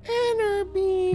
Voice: high pitched voice